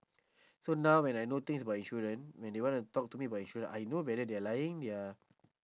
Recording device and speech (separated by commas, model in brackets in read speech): standing microphone, conversation in separate rooms